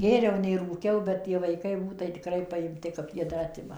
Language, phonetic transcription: Lithuanian, ˈgėriau nei rūˈkiau bet ˈtie vaiˈkai ˈbūt tai tiˈkrai paimˈti kap ˈjie ˈdar ˈatima

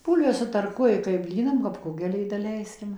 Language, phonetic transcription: Lithuanian, ˈbūlves sutarˈkuoji kai ˈblynam kap ˈkugeliui daˈleiskim

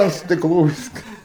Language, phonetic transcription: Lithuanian, ant stikˈlų ˈviska

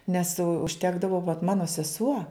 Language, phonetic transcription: Lithuanian, nes užˈtekdavo vat ˈmano seˈsuo

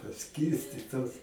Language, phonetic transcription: Lithuanian, paˈskyrstitos

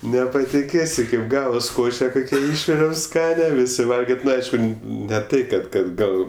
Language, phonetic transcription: Lithuanian, nepatiˈkėsi kaip ˈgavas ˈkoše ˈkokia ˈišviriau ˈskania ˈvisi ˈvalgit' ˈnu ˈaišku ne ˈtai kad ˈkad ˈgal

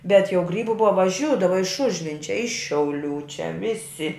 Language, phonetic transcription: Lithuanian, bet jau ˈgrybu ˈbuva vaˈžiūdava iš ˈužvinčia ˈiš šiauˈlių čia ˈvisi

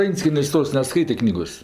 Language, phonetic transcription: Lithuanian, ˈvenckienės' ˈtos neˈskaitė ˈknygos

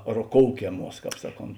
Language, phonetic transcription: Lithuanian, roˈkoukeˌmuos ˈsaˌkont

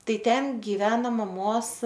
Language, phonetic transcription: Lithuanian, ˈtai ˈten giˈveno maˈmos

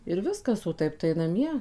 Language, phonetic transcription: Lithuanian, ir ˈviskas o ˈtaip tai naˈmie

